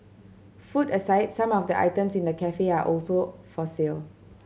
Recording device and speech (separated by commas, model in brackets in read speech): mobile phone (Samsung C7100), read sentence